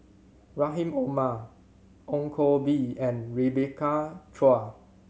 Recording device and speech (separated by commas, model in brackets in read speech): mobile phone (Samsung C7100), read sentence